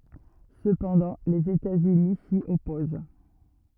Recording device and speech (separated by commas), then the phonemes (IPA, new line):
rigid in-ear microphone, read sentence
səpɑ̃dɑ̃ lez etatsyni si ɔpoz